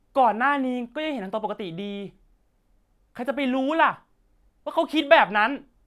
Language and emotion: Thai, angry